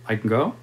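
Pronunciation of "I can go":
'I can go' is said to check whether going is all right, and the tone carries uncertainty rather than a plain statement.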